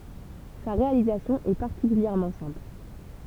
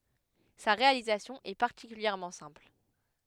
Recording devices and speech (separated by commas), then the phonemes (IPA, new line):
temple vibration pickup, headset microphone, read sentence
sa ʁealizasjɔ̃ ɛ paʁtikyljɛʁmɑ̃ sɛ̃pl